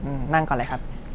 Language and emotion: Thai, neutral